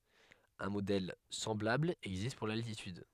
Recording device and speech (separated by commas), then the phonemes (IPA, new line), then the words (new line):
headset microphone, read sentence
œ̃ modɛl sɑ̃blabl ɛɡzist puʁ laltityd
Un modèle semblable existe pour l'altitude.